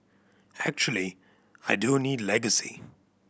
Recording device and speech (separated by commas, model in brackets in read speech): boundary microphone (BM630), read sentence